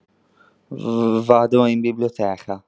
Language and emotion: Italian, fearful